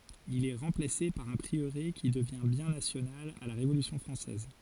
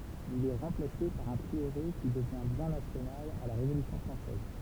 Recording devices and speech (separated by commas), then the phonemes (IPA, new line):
forehead accelerometer, temple vibration pickup, read sentence
il ɛ ʁɑ̃plase paʁ œ̃ pʁiøʁe ki dəvjɛ̃ bjɛ̃ nasjonal a la ʁevolysjɔ̃ fʁɑ̃sɛz